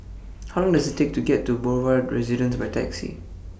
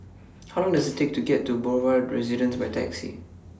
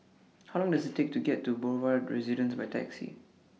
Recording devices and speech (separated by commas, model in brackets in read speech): boundary microphone (BM630), standing microphone (AKG C214), mobile phone (iPhone 6), read sentence